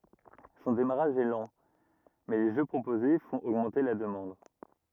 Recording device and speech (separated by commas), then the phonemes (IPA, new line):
rigid in-ear microphone, read sentence
sɔ̃ demaʁaʒ ɛ lɑ̃ mɛ le ʒø pʁopoze fɔ̃t oɡmɑ̃te la dəmɑ̃d